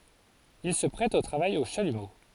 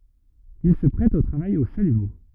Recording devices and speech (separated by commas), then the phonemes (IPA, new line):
forehead accelerometer, rigid in-ear microphone, read sentence
il sə pʁɛt o tʁavaj o ʃalymo